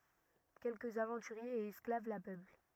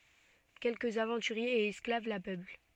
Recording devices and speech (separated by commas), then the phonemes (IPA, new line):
rigid in-ear microphone, soft in-ear microphone, read sentence
kɛlkəz avɑ̃tyʁjez e ɛsklav la pøpl